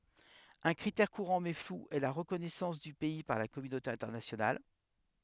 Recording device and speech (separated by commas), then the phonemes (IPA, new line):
headset microphone, read sentence
œ̃ kʁitɛʁ kuʁɑ̃ mɛ flu ɛ la ʁəkɔnɛsɑ̃s dy pɛi paʁ la kɔmynote ɛ̃tɛʁnasjonal